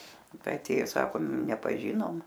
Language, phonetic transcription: Lithuanian, ˈtai aˈtėjo ˈsakom nepaˈžinom

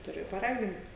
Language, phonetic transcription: Lithuanian, tuˈri paˈragint

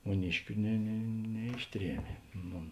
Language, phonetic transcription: Lithuanian, muˈniškiu ne ne neˈišˌtriemė ˈnu

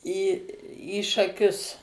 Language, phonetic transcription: Lithuanian, į į šaˈkius

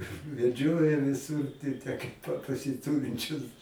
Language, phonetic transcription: Lithuanian, veˈdžioja viˈsur ti' tę kaip ˈpa pasiˈturinčius

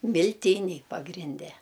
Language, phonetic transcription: Lithuanian, milˈtyniai pagrinˈde

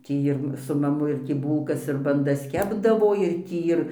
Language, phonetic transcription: Lithuanian, ˈtį ir su maˈmu ir ˈtį ˈbūlkas ir banˈdas ˈkepdavo ir tį ir

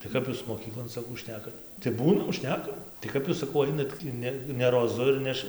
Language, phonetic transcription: Lithuanian, tai ˈkap jūs moˈkyklon saˈkau ˈšnekat tai ˈbūnam ˈšnekam tai ˈkap jūs saˈkau ˈainat tį ˈne ne roˈzu ir ˈneš

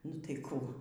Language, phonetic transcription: Lithuanian, nu tai ˈkų

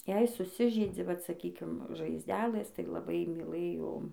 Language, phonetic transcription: Lithuanian, jei suˈsižeidzi vat saˈkykim žaizˈdelɘs tai laˈbai myˈlɘjo

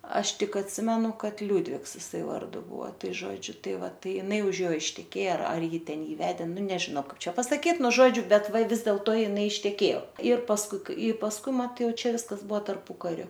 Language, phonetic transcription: Lithuanian, ˈaš ˈtik atˈsimenu ˈkad ˈliūdvigs iˈsai ˈvardu ˈbua ˈtai ˈžodžiu ˈtai ˈva ˈtai iˈnai už ˈjo išteˈkėja ˈar ˈji ˈten ˈjį ˈvedė ˈnu nežiˈno ˈkaip ˈčia pasaˈkyt ˈnu ˈžodžiu ˈbet ˈva ˈvis dėlto iˈnai išteˈkėjo ir pasˈkui i pasˈkui ˈmat ˈjau ˈčia ˈviskas ˈbuo tarˈpukariu

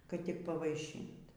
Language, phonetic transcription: Lithuanian, kad tik pavaiˈšynt

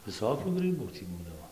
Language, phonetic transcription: Lithuanian, viˈsokių ˈgrɨbų tį ˈbūdavo

